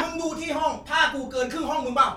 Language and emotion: Thai, angry